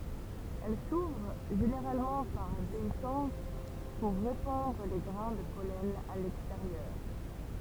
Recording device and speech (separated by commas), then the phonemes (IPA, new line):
temple vibration pickup, read sentence
ɛl suvʁ ʒeneʁalmɑ̃ paʁ deisɑ̃s puʁ ʁepɑ̃dʁ le ɡʁɛ̃ də pɔlɛn a lɛksteʁjœʁ